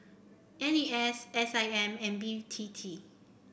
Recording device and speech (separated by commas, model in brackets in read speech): boundary microphone (BM630), read sentence